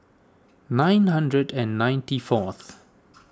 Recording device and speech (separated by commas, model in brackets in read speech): standing microphone (AKG C214), read sentence